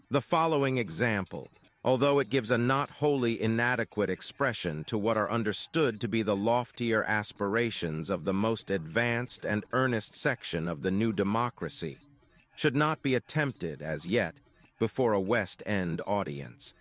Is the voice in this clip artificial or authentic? artificial